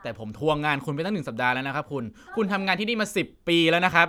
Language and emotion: Thai, frustrated